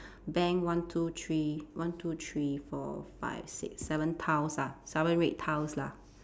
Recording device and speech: standing microphone, conversation in separate rooms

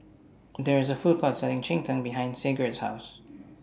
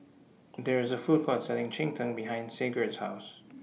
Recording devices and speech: standing microphone (AKG C214), mobile phone (iPhone 6), read sentence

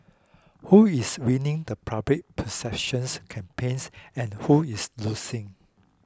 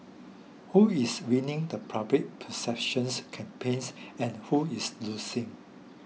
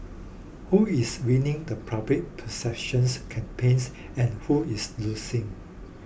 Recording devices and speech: close-talking microphone (WH20), mobile phone (iPhone 6), boundary microphone (BM630), read sentence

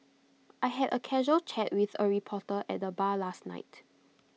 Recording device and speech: mobile phone (iPhone 6), read sentence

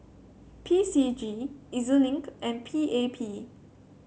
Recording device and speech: mobile phone (Samsung C7), read sentence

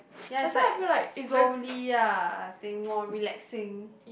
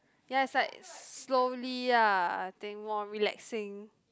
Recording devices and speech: boundary microphone, close-talking microphone, conversation in the same room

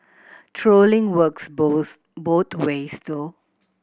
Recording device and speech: boundary microphone (BM630), read sentence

